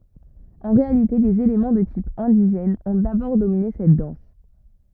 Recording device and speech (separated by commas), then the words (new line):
rigid in-ear microphone, read sentence
En réalité des éléments de type indigène ont d'abord dominé cette danse.